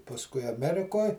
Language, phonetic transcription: Lithuanian, pasˈkui aˈmerikoj

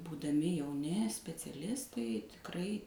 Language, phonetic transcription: Lithuanian, būdaˈmi jauˈni speciaˈlistai tikˈrai

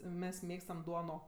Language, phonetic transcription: Lithuanian, ˈmes ˈmėgstam ˈduono

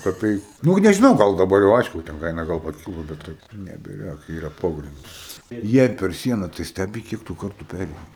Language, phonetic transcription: Lithuanian, kaˈpeiku ˈnug nežiˈnau ˈgal daˈbar jau ˈaišku ˈten ˈkaina gal paˈkylo ˈbet tai nebiˈjok ˈyra ˈpogrindis ˈjei per ˈsiena tai ˈstæbi ˈkiek tu ˈkartų ˈpæreini

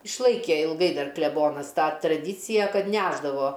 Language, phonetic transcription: Lithuanian, išˈlaikė ilˈgai ˈdar kleˈbonas ˈtą traˈdycija ˈkad ˈnešdavo

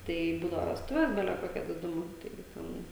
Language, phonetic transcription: Lithuanian, ˈtai ˈbūdava vesˈtuves ˈbele ˈkokia diˈdumu ˈtaigi ˈten

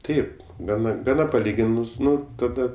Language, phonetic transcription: Lithuanian, ˈtaip ˈgana gaˈna paˈlyginus ˈnu ˈtada

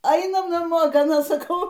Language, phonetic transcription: Lithuanian, ˈainam naˈmo gaˈna saˈkau

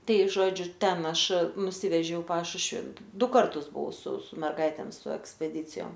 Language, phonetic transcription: Lithuanian, ˈtai ˈžodžiu ˈten ˈaš nuˈsivežiau i ˈpašušvi ˈdu ˈkartus buˈvau su su merˈgaitėm su ekspeˈdycijom

